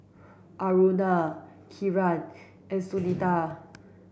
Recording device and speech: boundary microphone (BM630), read sentence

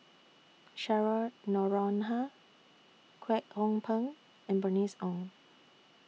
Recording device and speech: mobile phone (iPhone 6), read sentence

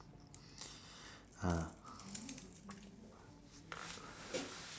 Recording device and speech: standing microphone, conversation in separate rooms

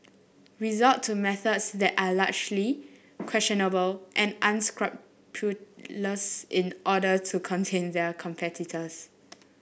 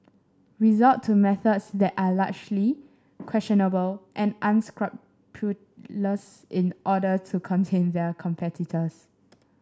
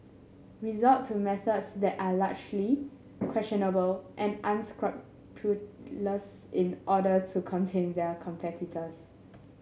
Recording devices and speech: boundary microphone (BM630), standing microphone (AKG C214), mobile phone (Samsung S8), read sentence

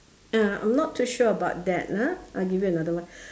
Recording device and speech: standing microphone, conversation in separate rooms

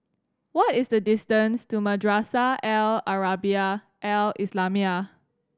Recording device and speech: standing microphone (AKG C214), read sentence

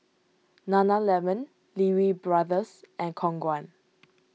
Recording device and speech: mobile phone (iPhone 6), read sentence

